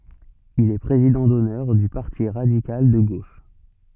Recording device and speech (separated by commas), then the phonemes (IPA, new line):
soft in-ear microphone, read sentence
il ɛ pʁezidɑ̃ dɔnœʁ dy paʁti ʁadikal də ɡoʃ